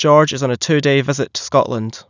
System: none